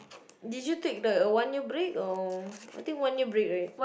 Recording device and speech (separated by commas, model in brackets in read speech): boundary microphone, conversation in the same room